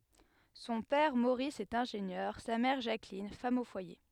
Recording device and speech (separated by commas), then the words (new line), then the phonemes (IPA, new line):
headset microphone, read sentence
Son père Maurice est ingénieur, sa mère Jacqueline, femme au foyer.
sɔ̃ pɛʁ moʁis ɛt ɛ̃ʒenjœʁ sa mɛʁ ʒaklin fam o fwaje